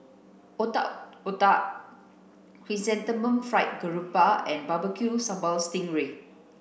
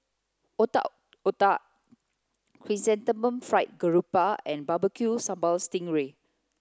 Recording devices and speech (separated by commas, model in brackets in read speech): boundary microphone (BM630), close-talking microphone (WH30), read sentence